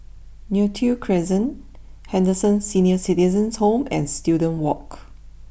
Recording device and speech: boundary microphone (BM630), read sentence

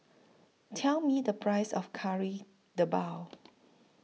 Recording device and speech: mobile phone (iPhone 6), read sentence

